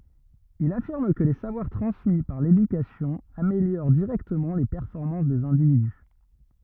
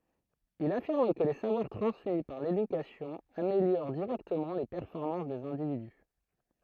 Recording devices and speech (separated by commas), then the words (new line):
rigid in-ear microphone, throat microphone, read sentence
Il affirme que les savoir transmis par l'éducation améliorent directement les performances des individus.